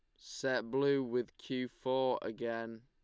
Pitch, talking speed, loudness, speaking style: 125 Hz, 135 wpm, -36 LUFS, Lombard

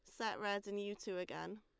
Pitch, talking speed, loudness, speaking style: 200 Hz, 260 wpm, -43 LUFS, Lombard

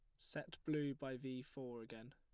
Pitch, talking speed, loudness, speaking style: 130 Hz, 185 wpm, -47 LUFS, plain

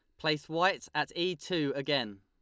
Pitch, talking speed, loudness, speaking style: 155 Hz, 180 wpm, -32 LUFS, Lombard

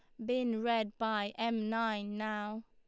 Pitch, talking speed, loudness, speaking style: 225 Hz, 150 wpm, -35 LUFS, Lombard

